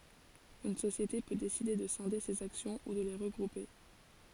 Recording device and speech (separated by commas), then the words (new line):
forehead accelerometer, read sentence
Une société peut décider de scinder ses actions ou de les regrouper.